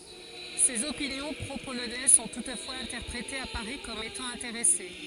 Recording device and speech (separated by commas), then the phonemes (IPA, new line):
forehead accelerometer, read sentence
sez opinjɔ̃ pʁopolonɛz sɔ̃ tutfwaz ɛ̃tɛʁpʁetez a paʁi kɔm etɑ̃ ɛ̃teʁɛse